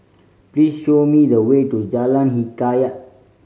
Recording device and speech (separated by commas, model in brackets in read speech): mobile phone (Samsung C5010), read sentence